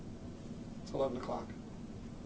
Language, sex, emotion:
English, male, neutral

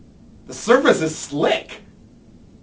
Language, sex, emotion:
English, male, happy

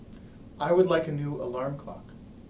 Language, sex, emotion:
English, male, neutral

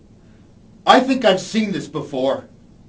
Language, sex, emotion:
English, male, angry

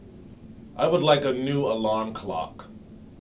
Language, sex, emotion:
English, male, neutral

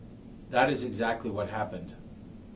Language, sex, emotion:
English, male, neutral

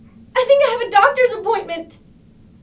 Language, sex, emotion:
English, female, fearful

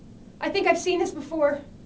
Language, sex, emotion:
English, female, fearful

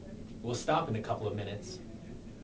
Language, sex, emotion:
English, male, neutral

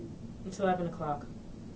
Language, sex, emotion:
English, female, neutral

